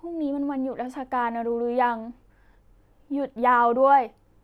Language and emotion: Thai, sad